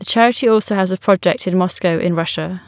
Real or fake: real